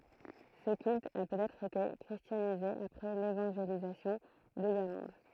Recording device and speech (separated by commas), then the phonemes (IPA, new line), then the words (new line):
throat microphone, read sentence
sə kylt a pøtɛtʁ ete kʁistjanize apʁɛ levɑ̃ʒelizasjɔ̃ də liʁlɑ̃d
Ce culte a peut-être été christianisé après l'évangélisation de l’Irlande.